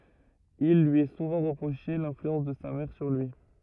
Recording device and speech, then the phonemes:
rigid in-ear microphone, read sentence
il lyi ɛ suvɑ̃ ʁəpʁoʃe lɛ̃flyɑ̃s də sa mɛʁ syʁ lyi

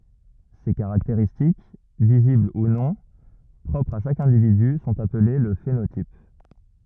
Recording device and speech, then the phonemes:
rigid in-ear microphone, read sentence
se kaʁakteʁistik vizibl u nɔ̃ pʁɔpʁz a ʃak ɛ̃dividy sɔ̃t aple lə fenotip

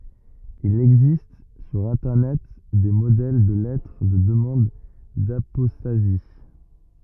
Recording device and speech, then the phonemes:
rigid in-ear microphone, read sentence
il ɛɡzist syʁ ɛ̃tɛʁnɛt de modɛl də lɛtʁ də dəmɑ̃d dapɔstazi

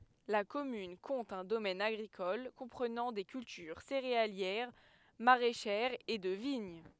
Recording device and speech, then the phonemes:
headset microphone, read sentence
la kɔmyn kɔ̃t œ̃ domɛn aɡʁikɔl kɔ̃pʁənɑ̃ de kyltyʁ seʁealjɛʁ maʁɛʃɛʁz e də viɲ

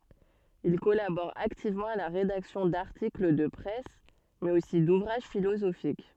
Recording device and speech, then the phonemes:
soft in-ear microphone, read sentence
il kɔlabɔʁ aktivmɑ̃ a la ʁedaksjɔ̃ daʁtikl də pʁɛs mɛz osi duvʁaʒ filozofik

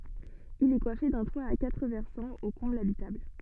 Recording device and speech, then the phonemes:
soft in-ear microphone, read sentence
il ɛ kwafe dœ̃ twa a katʁ vɛʁsɑ̃z o kɔ̃blz abitabl

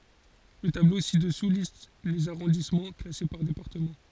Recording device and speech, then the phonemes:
forehead accelerometer, read sentence
lə tablo si dəsu list lez aʁɔ̃dismɑ̃ klase paʁ depaʁtəmɑ̃

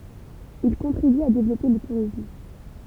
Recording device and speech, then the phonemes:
temple vibration pickup, read sentence
il kɔ̃tʁiby a devlɔpe lə tuʁism

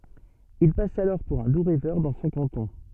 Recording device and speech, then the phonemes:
soft in-ear microphone, read sentence
il pas alɔʁ puʁ œ̃ du ʁɛvœʁ dɑ̃ sɔ̃ kɑ̃tɔ̃

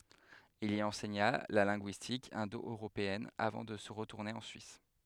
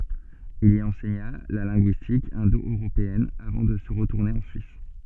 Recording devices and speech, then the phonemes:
headset microphone, soft in-ear microphone, read sentence
il i ɑ̃sɛɲa la lɛ̃ɡyistik ɛ̃doøʁopeɛn avɑ̃ də ʁətuʁne ɑ̃ syis

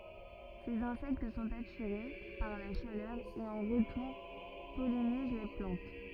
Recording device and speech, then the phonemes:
rigid in-ear microphone, read sentence
sez ɛ̃sɛkt sɔ̃t atiʁe paʁ la ʃalœʁ e ɑ̃ ʁətuʁ pɔliniz la plɑ̃t

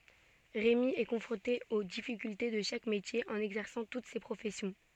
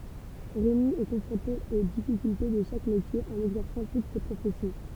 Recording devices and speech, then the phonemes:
soft in-ear microphone, temple vibration pickup, read sentence
ʁemi ɛ kɔ̃fʁɔ̃te o difikylte də ʃak metje ɑ̃n ɛɡzɛʁsɑ̃ tut se pʁofɛsjɔ̃

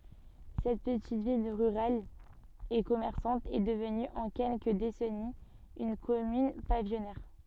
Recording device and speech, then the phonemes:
soft in-ear microphone, read sentence
sɛt pətit vil ʁyʁal e kɔmɛʁsɑ̃t ɛ dəvny ɑ̃ kɛlkə desɛniz yn kɔmyn pavijɔnɛʁ

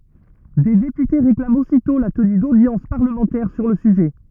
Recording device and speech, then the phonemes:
rigid in-ear microphone, read sentence
de depyte ʁeklamt ositɔ̃ la təny dodjɑ̃s paʁləmɑ̃tɛʁ syʁ lə syʒɛ

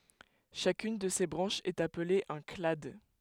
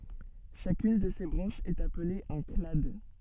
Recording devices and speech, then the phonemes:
headset microphone, soft in-ear microphone, read sentence
ʃakyn də se bʁɑ̃ʃz ɛt aple œ̃ klad

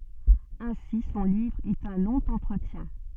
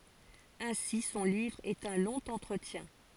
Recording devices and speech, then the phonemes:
soft in-ear microphone, forehead accelerometer, read sentence
ɛ̃si sɔ̃ livʁ ɛt œ̃ lɔ̃ ɑ̃tʁətjɛ̃

